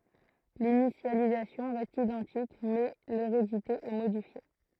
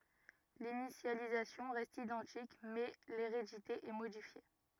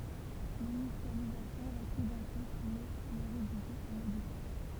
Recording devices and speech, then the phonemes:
throat microphone, rigid in-ear microphone, temple vibration pickup, read sentence
linisjalizasjɔ̃ ʁɛst idɑ̃tik mɛ leʁedite ɛ modifje

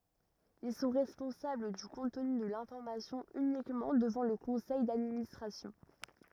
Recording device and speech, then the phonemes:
rigid in-ear microphone, read sentence
il sɔ̃ ʁɛspɔ̃sabl dy kɔ̃tny də lɛ̃fɔʁmasjɔ̃ ynikmɑ̃ dəvɑ̃ lə kɔ̃sɛj dadministʁasjɔ̃

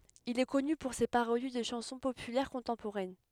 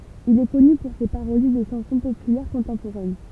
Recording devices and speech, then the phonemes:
headset microphone, temple vibration pickup, read sentence
il ɛ kɔny puʁ se paʁodi də ʃɑ̃sɔ̃ popylɛʁ kɔ̃tɑ̃poʁɛn

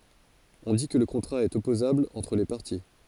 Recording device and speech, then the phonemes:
forehead accelerometer, read sentence
ɔ̃ di kə lə kɔ̃tʁa ɛt ɔpozabl ɑ̃tʁ le paʁti

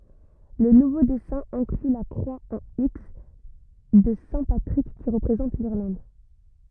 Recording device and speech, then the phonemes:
rigid in-ear microphone, read sentence
lə nuvo dɛsɛ̃ ɛ̃kly la kʁwa ɑ̃ iks də sɛ̃ patʁik ki ʁəpʁezɑ̃t liʁlɑ̃d

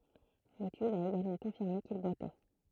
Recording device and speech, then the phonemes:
throat microphone, read sentence
letyd a eɡalmɑ̃ kɔ̃fiʁme kil bwatɛ

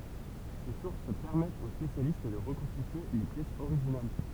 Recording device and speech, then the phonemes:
temple vibration pickup, read sentence
se suʁs pɛʁmɛtt o spesjalist də ʁəkɔ̃stitye le pjɛsz oʁiʒinal

